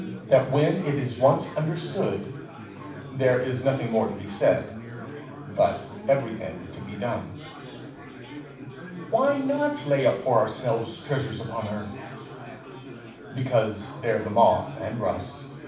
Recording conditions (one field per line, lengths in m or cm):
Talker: one person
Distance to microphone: 5.8 m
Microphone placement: far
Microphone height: 1.8 m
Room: medium-sized (5.7 m by 4.0 m)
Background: babble